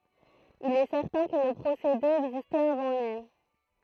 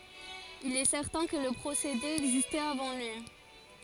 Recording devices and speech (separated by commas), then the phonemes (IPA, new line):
throat microphone, forehead accelerometer, read sentence
il ɛ sɛʁtɛ̃ kə lə pʁosede ɛɡzistɛt avɑ̃ lyi